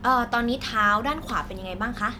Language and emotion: Thai, neutral